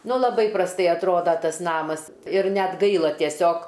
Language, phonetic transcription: Lithuanian, ˈnu laˈbai prasˈtai atˈroda ˈtas ˈnamas ir ˈnet ˈgaila tieˈsiog

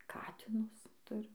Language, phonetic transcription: Lithuanian, ˈkatinus ˈturim

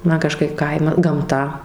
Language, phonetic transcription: Lithuanian, ˈman kaˈžkaip ˈkaima ˈgamta

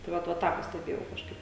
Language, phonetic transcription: Lithuanian, tai ˈvat va ˈtą pasteˈbėjau kažˈkaip

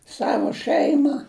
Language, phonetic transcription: Lithuanian, ˈsavo ˈšɜima

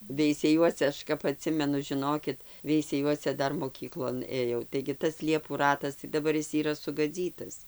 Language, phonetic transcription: Lithuanian, veiseˈjuose ˈaš kap aˈtsimenu žiˈnokit veisˈejuose ˈdar moˈkyklon ˈėjau taigi ˈtas ˈliepų ˈratas tai daˈbar ˈis yˈra sugaˈdzytas

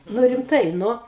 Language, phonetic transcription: Lithuanian, ˈnu rimˈtai ˈnu

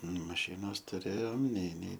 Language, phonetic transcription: Lithuanian, maˈšinos tuˈrėjom nei nei

